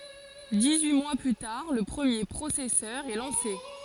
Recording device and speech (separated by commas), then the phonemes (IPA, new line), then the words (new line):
forehead accelerometer, read sentence
dis yi mwa ply taʁ lə pʁəmje pʁosɛsœʁ ɛ lɑ̃se
Dix-huit mois plus tard, le premier processeur est lancé.